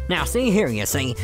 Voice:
imitating a 1930s gangster